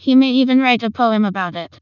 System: TTS, vocoder